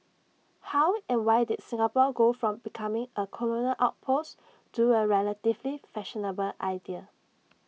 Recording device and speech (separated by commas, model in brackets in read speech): mobile phone (iPhone 6), read sentence